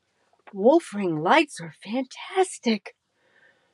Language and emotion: English, fearful